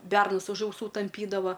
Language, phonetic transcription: Lithuanian, ˈbernus už auˈsų tamˈpydava

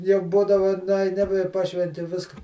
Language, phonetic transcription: Lithuanian, jau ˈbūdavu nuaiˈni i ˈpašventi ˈviska

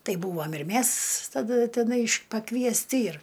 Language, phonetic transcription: Lithuanian, ˈtai ˈbūvam ir ˈmæs taˈda teˈnai pakviesˈti ir

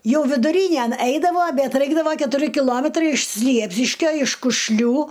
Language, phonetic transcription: Lithuanian, ˈjau viduˈrynæn ˈaidavo ˈbet ˈraikdavo ketuˈri kiˈlometrai iš ˈsliepsiškio iš kušˈlių

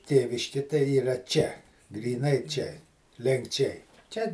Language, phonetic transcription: Lithuanian, ˈtėviški tai yˈra ˈčia gryˈnai čia lenkˈčiai ˈčia

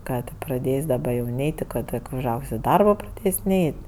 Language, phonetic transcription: Lithuanian, ˈką tė praˈdės' daˈba jau ˈneit' ti ˈko tik užˈaug's' i ˈdarbo praˈdės' ˈneit'

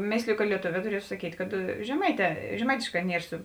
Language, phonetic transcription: Lithuanian, ˈmėsliju ka lieˈtovē tuˈrietu saˈkyt' kad žeˈmaiˌtē žeˈmaitėšˌkā ˈnier su

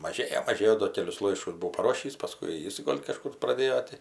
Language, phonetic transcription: Lithuanian, maˈžėjo maˈžėjo do ˈkelius ˈlaiškus buˈvau paˈrošįs paˈskui ˈjis ˈgol' kaˈžkur praˈdėjo ti

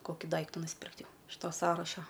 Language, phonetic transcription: Lithuanian, ˈkoki ˈdaiktu nusˈpirkt ˈjau iš ˈto ˈsąraša

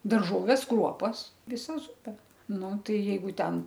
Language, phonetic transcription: Lithuanian, darˈžoves ˈkruopas viˈsa ˈzupe ˈnu ˈtai jeiˈgu ˈten

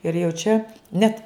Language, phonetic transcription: Lithuanian, ir jau ˈčia ˈnet

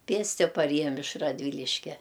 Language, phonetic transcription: Lithuanian, ˈpėsti paˈrėjam iš radˈvyliškia

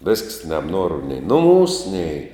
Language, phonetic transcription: Lithuanian, vesks nebˈnuoru nei nuˈmūs nei

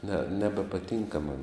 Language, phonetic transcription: Lithuanian, ne nebepaˈtinka man

